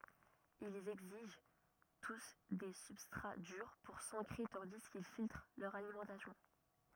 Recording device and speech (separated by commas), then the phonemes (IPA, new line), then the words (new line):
rigid in-ear microphone, read sentence
ilz ɛɡziʒ tus de sybstʁa dyʁ puʁ sɑ̃kʁe tɑ̃di kil filtʁ lœʁ alimɑ̃tasjɔ̃
Ils exigent tous des substrats durs pour s'ancrer tandis qu'ils filtrent leur alimentation.